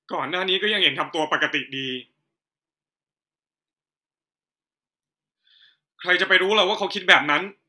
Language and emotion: Thai, frustrated